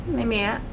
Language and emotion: Thai, frustrated